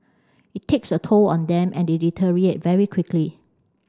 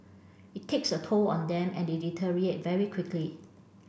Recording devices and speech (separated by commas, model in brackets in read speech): standing microphone (AKG C214), boundary microphone (BM630), read sentence